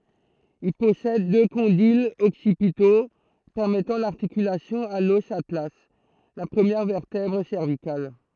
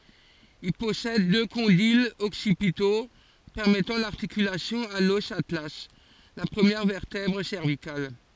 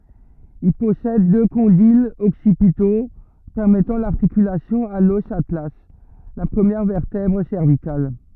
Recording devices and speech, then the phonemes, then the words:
throat microphone, forehead accelerometer, rigid in-ear microphone, read sentence
il pɔsɛd dø kɔ̃dilz ɔksipito pɛʁmɛtɑ̃ laʁtikylasjɔ̃ a lɔs atla la pʁəmjɛʁ vɛʁtɛbʁ sɛʁvikal
Il possède deux condyles occipitaux permettant l’articulation à l'os atlas, la première vertèbre cervicale.

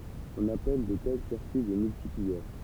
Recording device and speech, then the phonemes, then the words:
temple vibration pickup, read sentence
ɔ̃n apɛl də tɛl siʁkyi de myltipliœʁ
On appelle de tels circuits des multiplieurs.

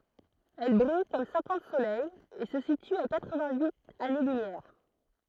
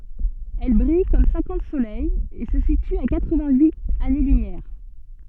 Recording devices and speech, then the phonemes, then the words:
throat microphone, soft in-ear microphone, read sentence
ɛl bʁij kɔm sɛ̃kɑ̃t solɛjz e sə sity a katʁ vɛ̃t yit ane lymjɛʁ
Elle brille comme cinquante soleils et se situe à quatre-vingt-huit années-lumière.

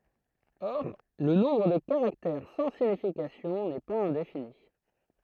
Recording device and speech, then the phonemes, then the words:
throat microphone, read sentence
ɔʁ lə nɔ̃bʁ də kaʁaktɛʁ sɑ̃ siɲifikasjɔ̃ nɛ paz ɛ̃defini
Or, le nombre de caractères sans signification n'est pas indéfini.

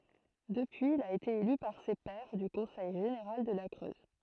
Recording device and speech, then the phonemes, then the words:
throat microphone, read sentence
dəpyiz il a ete ely paʁ se pɛʁ dy kɔ̃sɛj ʒeneʁal də la kʁøz
Depuis il a été élu par ses pairs du conseil général de la Creuse.

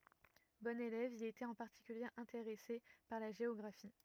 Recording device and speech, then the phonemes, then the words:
rigid in-ear microphone, read sentence
bɔ̃n elɛv il etɛt ɑ̃ paʁtikylje ɛ̃teʁɛse paʁ la ʒeɔɡʁafi
Bon élève, il était en particulier intéressé par la géographie.

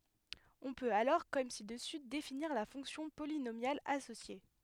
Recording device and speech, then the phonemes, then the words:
headset microphone, read sentence
ɔ̃ pøt alɔʁ kɔm si dəsy definiʁ la fɔ̃ksjɔ̃ polinomjal asosje
On peut alors comme ci-dessus définir la fonction polynomiale associée.

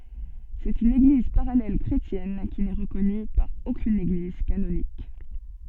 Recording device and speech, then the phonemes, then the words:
soft in-ear microphone, read sentence
sɛt yn eɡliz paʁalɛl kʁetjɛn ki nɛ ʁəkɔny paʁ okyn eɡliz kanonik
C'est une Église parallèle chrétienne qui n'est reconnue par aucune Église canonique.

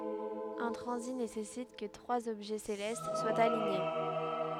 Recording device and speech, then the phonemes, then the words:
headset microphone, read sentence
œ̃ tʁɑ̃zit nesɛsit kə tʁwaz ɔbʒɛ selɛst swat aliɲe
Un transit nécessite que trois objets célestes soient alignés.

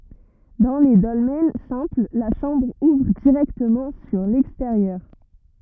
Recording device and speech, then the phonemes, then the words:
rigid in-ear microphone, read sentence
dɑ̃ le dɔlmɛn sɛ̃pl la ʃɑ̃bʁ uvʁ diʁɛktəmɑ̃ syʁ lɛksteʁjœʁ
Dans les dolmens simples, la chambre ouvre directement sur l'extérieur.

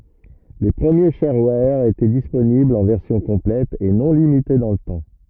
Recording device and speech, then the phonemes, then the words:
rigid in-ear microphone, read sentence
le pʁəmje ʃɛʁwɛʁ etɛ disponiblz ɑ̃ vɛʁsjɔ̃ kɔ̃plɛt e nɔ̃ limite dɑ̃ lə tɑ̃
Les premiers sharewares étaient disponibles en version complète et non limitée dans le temps.

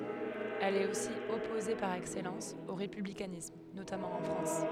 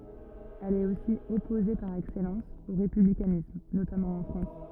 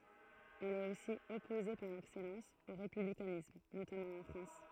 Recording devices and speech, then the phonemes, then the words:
headset microphone, rigid in-ear microphone, throat microphone, read sentence
ɛl ɛt osi ɔpoze paʁ ɛksɛlɑ̃s o ʁepyblikanism notamɑ̃ ɑ̃ fʁɑ̃s
Elle est aussi opposée par excellence au républicanisme, notamment en France.

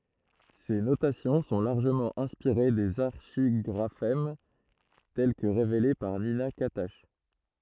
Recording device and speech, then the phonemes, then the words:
throat microphone, read sentence
se notasjɔ̃ sɔ̃ laʁʒəmɑ̃ ɛ̃spiʁe dez aʁʃiɡʁafɛm tɛl kə ʁevele paʁ nina katak
Ces notations sont largement inspirées des archigraphèmes tels que révélés par Nina Catach.

